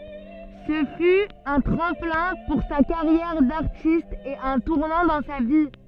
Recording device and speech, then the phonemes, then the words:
soft in-ear microphone, read sentence
sə fy œ̃ tʁɑ̃plɛ̃ puʁ sa kaʁjɛʁ daʁtist e œ̃ tuʁnɑ̃ dɑ̃ sa vi
Ce fut un tremplin pour sa carrière d'artiste et un tournant dans sa vie.

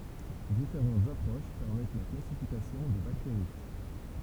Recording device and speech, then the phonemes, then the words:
temple vibration pickup, read sentence
difeʁɑ̃tz apʁoʃ pɛʁmɛt la klasifikasjɔ̃ de bakteʁi
Différentes approches permettent la classification des bactéries.

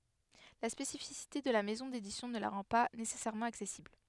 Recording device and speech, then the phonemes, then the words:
headset microphone, read sentence
la spesifisite də la mɛzɔ̃ dedisjɔ̃ nə la ʁɑ̃ pa nesɛsɛʁmɑ̃ aksɛsibl
La spécificité de la maison d'édition ne la rend pas nécessairement accessible.

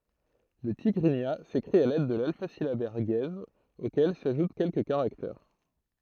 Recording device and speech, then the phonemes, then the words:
throat microphone, read sentence
lə tiɡʁiɲa sekʁit a lɛd də lalfazilabɛʁ ɡɛz okɛl saʒut kɛlkə kaʁaktɛʁ
Le tigrigna s'écrit à l'aide de l'alphasyllabaire guèze auquel s'ajoutent quelques caractères.

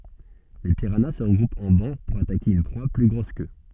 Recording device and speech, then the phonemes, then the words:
soft in-ear microphone, read sentence
le piʁana sə ʁəɡʁupt ɑ̃ bɑ̃ puʁ atake yn pʁwa ply ɡʁos kø
Les piranhas se regroupent en bancs pour attaquer une proie plus grosse qu'eux.

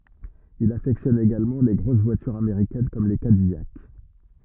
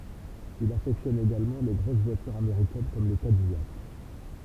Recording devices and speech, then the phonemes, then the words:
rigid in-ear microphone, temple vibration pickup, read sentence
il afɛktjɔn eɡalmɑ̃ le ɡʁos vwatyʁz ameʁikɛn kɔm le kadijak
Il affectionne également les grosses voitures américaines comme les Cadillac.

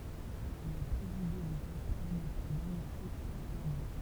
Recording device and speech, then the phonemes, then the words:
temple vibration pickup, read sentence
il a pʁezide lə ɡʁup paʁləmɑ̃tɛʁ damitje fʁɑ̃s ɡabɔ̃
Il a présidé le groupe parlementaire d'amitié France-Gabon.

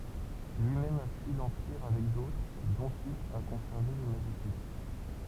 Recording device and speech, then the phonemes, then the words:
temple vibration pickup, read sentence
lyimɛm a fyi lɑ̃piʁ avɛk dotʁ dɔ̃t il a kɔ̃sɛʁve le maʒisit
Lui-même a fui l’Empire avec d’autres, dont il a conservé les Magicites.

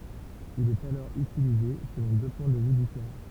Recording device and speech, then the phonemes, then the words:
temple vibration pickup, read sentence
il ɛt alɔʁ ytilize səlɔ̃ dø pwɛ̃ də vy difeʁɑ̃
Il est alors utilisé selon deux points de vue différents.

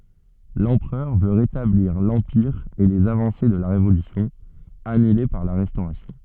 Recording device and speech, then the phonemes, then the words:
soft in-ear microphone, read sentence
lɑ̃pʁœʁ vø ʁetabliʁ lɑ̃piʁ e lez avɑ̃se də la ʁevolysjɔ̃ anyle paʁ la ʁɛstoʁasjɔ̃
L'empereur veut rétablir l'Empire et les avancées de la Révolution, annulées par la Restauration.

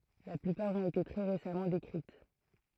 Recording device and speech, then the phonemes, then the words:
throat microphone, read sentence
la plypaʁ ɔ̃t ete tʁɛ ʁesamɑ̃ dekʁit
La plupart ont été très récemment décrites.

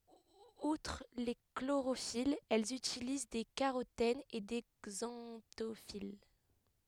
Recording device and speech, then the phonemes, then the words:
headset microphone, read sentence
utʁ le kloʁofilz ɛlz ytiliz de kaʁotɛnz e de ɡzɑ̃tofil
Outre les chlorophylles, elles utilisent des carotènes et des xanthophylles.

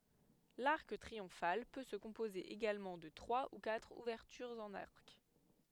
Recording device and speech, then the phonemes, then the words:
headset microphone, read sentence
laʁk tʁiɔ̃fal pø sə kɔ̃poze eɡalmɑ̃ də tʁwa u katʁ uvɛʁtyʁz ɑ̃n aʁk
L'arc triomphal peut se composer également de trois ou quatre ouvertures en arc.

